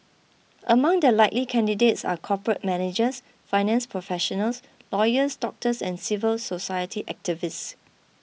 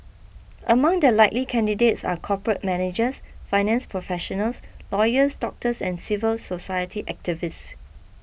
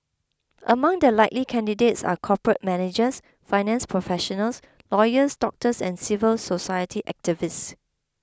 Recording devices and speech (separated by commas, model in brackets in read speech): mobile phone (iPhone 6), boundary microphone (BM630), close-talking microphone (WH20), read sentence